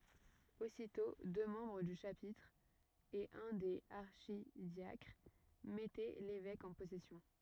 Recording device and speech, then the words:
rigid in-ear microphone, read sentence
Aussitôt, deux membres du chapitre et un des archidiacres mettaient l’évêque en possession.

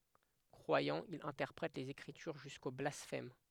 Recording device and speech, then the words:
headset microphone, read sentence
Croyant, il interprète les Écritures jusqu'au blasphème.

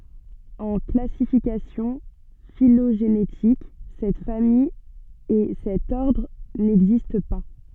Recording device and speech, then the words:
soft in-ear microphone, read sentence
En classification phylogénétique, cette famille et cet ordre n'existent pas.

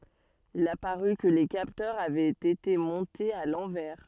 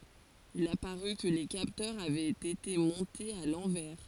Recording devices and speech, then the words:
soft in-ear microphone, forehead accelerometer, read sentence
Il apparut que les capteurs avaient été montés à l'envers.

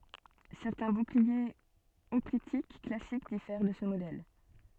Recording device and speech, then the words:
soft in-ear microphone, read sentence
Certains boucliers hoplitiques classiques diffèrent de ce modèle.

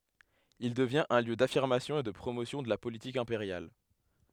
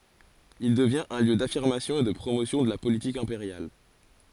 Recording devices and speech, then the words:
headset microphone, forehead accelerometer, read sentence
Il devient un lieu d’affirmation et de promotion de la politique impériale.

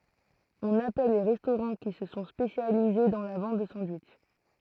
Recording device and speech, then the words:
throat microphone, read sentence
On appelle les restaurants qui se sont spécialisés dans la vente de sandwichs.

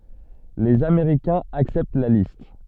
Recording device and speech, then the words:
soft in-ear microphone, read sentence
Les Américains acceptent la liste.

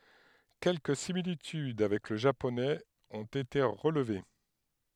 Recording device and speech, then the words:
headset microphone, read sentence
Quelques similitudes avec le japonais ont été relevées.

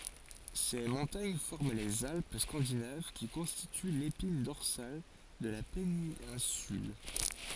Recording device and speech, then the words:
forehead accelerometer, read sentence
Ces montagnes forment les Alpes scandinaves qui constituent l'épine dorsale de la péninsule.

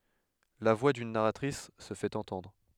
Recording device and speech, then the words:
headset microphone, read sentence
La voix d'une narratrice se fait entendre.

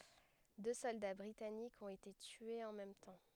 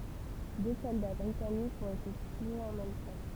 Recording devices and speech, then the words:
headset microphone, temple vibration pickup, read sentence
Deux soldats britanniques ont été tués en même temps.

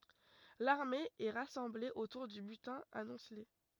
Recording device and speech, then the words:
rigid in-ear microphone, read sentence
L’armée est rassemblée autour du butin amoncelé.

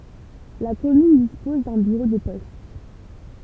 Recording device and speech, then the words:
temple vibration pickup, read sentence
La commune dispose d’un bureau de poste.

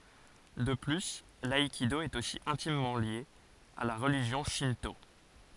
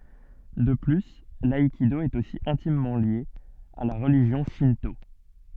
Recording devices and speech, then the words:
forehead accelerometer, soft in-ear microphone, read sentence
De plus, l'aïkido est aussi intimement lié à la religion Shinto.

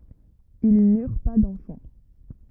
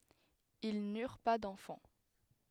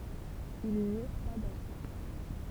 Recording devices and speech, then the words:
rigid in-ear microphone, headset microphone, temple vibration pickup, read sentence
Ils n'eurent pas d'enfants.

